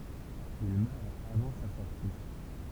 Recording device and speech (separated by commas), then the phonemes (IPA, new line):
temple vibration pickup, read sentence
il mœʁ avɑ̃ sa sɔʁti